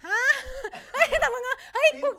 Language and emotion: Thai, happy